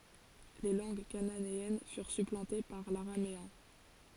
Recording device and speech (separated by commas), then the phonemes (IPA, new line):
forehead accelerometer, read sentence
le lɑ̃ɡ kananeɛn fyʁ syplɑ̃te paʁ laʁameɛ̃